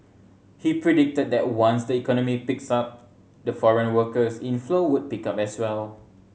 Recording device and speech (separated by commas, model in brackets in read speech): mobile phone (Samsung C7100), read sentence